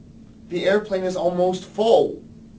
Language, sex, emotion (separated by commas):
English, male, angry